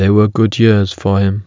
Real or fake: real